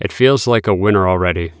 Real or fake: real